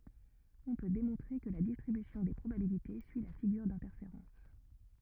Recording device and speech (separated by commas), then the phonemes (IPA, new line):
rigid in-ear microphone, read sentence
ɔ̃ pø demɔ̃tʁe kə la distʁibysjɔ̃ de pʁobabilite syi la fiɡyʁ dɛ̃tɛʁfeʁɑ̃s